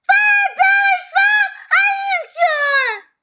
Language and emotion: English, surprised